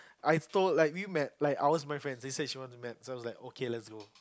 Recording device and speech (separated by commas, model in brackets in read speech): close-talking microphone, conversation in the same room